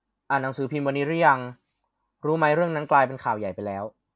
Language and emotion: Thai, neutral